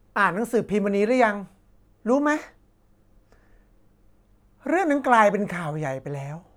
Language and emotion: Thai, frustrated